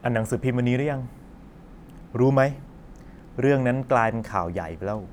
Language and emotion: Thai, frustrated